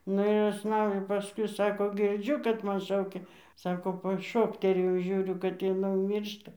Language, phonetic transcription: Lithuanian, ˈnu ir užˈsnaudė paˈskui ˈsako ˈgirdžiu kad ˈman ˈšaukia ˈsako paˈšokterėjau ˈžiūriu kad jiˈnai jau ˈmyršta

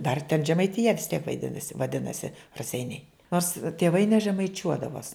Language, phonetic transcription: Lithuanian, dar ten žemaitiˈja vis tiek vaiˈdinasi vaˈdinasi raˈseiniai ˈnors tėˈvai nežemaiˈčiuodavos

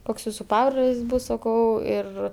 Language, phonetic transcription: Lithuanian, ˈkoks ˈjūsu ˈpabrolis ˈbūs saˈkau ˈir

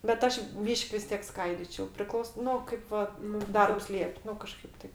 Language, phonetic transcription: Lithuanian, bet ˈaš ˈbyš'k' vis ˈtiek ˈskaidyčiau priˈklaus ˈnu ˈkaip va nu ˈdarbs ˈliep' ˈnu kaˈžkaip ˈtaip

